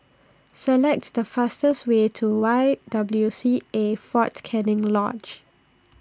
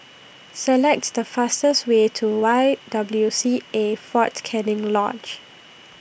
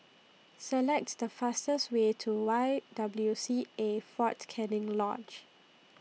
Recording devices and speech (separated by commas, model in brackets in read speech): standing microphone (AKG C214), boundary microphone (BM630), mobile phone (iPhone 6), read sentence